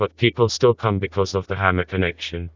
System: TTS, vocoder